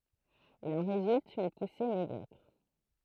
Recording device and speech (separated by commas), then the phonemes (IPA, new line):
throat microphone, read sentence
il ɑ̃ ʁezylt yn puse medjɔkʁ